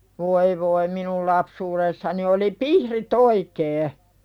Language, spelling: Finnish, voi voi minun lapsuudessani oli pihdit oikein
- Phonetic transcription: 'voi voi minul 'lapsuuðessani oli "pihri't ‿oikee .

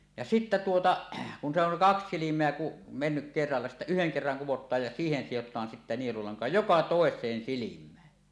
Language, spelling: Finnish, ja sitten tuota kun se on kaksi silmää kun mennyt kerralla sitten yhden kerran kudotaan ja siihen sidotaan sitten nielulanka joka toiseen silmään
- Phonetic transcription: ja sittä tuota , kun se ‿oŋ 'kaks 'silim̀eä ku , mennyk kerralla sittä "yheŋ 'kerraŋ 'kuwot̆taaj ja siihen sijot̆taan sitte nielulaŋka "joka "tòes̀een "silim̆mään .

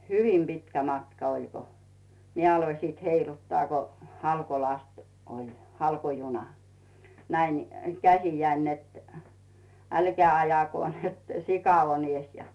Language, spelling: Finnish, hyvin pitkä matka oli kun minä aloin sitten heiluttaa kun halkolasti oli halkojuna näin - käsiäni että älkää ajako että sika on edessä ja
- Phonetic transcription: hyvim 'pitkä 'matka oĺ ko , 'mie aloⁱ sìt 'heiluttᵒà ko , "halkolast oĺ , "halko'juna , 'näin nⁱ- , 'käsijäin net , » "älkää 'ajako , net "sika on ‿'ies « ja .

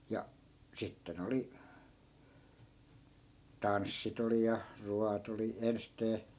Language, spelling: Finnish, ja sitten oli tanssit oli ja ruoat oli ensisteen
- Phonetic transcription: ja , 'sitte'n ‿oli , "tanssit ‿oli ja , "ruat ‿oli 'enstee .

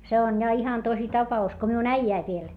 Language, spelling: Finnish, se on ja ihan tosi tapaus kun minun äijäni vielä
- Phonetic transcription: se on ja ihan tosi tapa₍us ko miun äijäiv viel , .

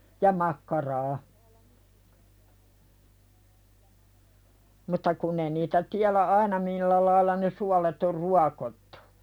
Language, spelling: Finnish, ja makkaraa mutta kun ei niitä tiedä aina millä lailla ne suolet on ruokottu
- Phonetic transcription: ja 'makkaraa , mutta 'kunn ‿ei niitä tiälä "aina millä lailla ne 'sualet or "ruakottᴜ .

